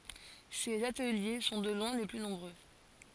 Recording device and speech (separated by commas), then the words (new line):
forehead accelerometer, read sentence
Ces ateliers sont de loin les plus nombreux.